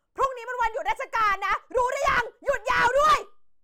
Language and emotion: Thai, angry